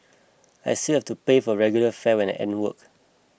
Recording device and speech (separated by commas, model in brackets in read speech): boundary microphone (BM630), read sentence